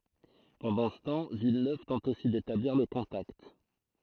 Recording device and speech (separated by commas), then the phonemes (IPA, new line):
throat microphone, read sentence
pɑ̃dɑ̃ sə tɑ̃ vilnøv tɑ̃t osi detabliʁ lə kɔ̃takt